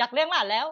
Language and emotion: Thai, happy